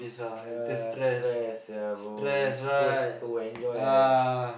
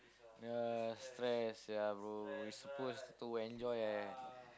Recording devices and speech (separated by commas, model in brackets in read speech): boundary microphone, close-talking microphone, conversation in the same room